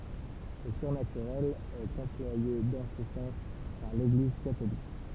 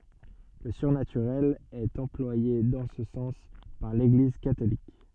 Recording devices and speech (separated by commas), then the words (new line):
temple vibration pickup, soft in-ear microphone, read sentence
Le surnaturel est employé dans ce sens par l'Église catholique.